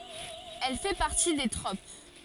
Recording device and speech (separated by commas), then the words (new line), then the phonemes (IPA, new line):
forehead accelerometer, read sentence
Elle fait partie des tropes.
ɛl fɛ paʁti de tʁop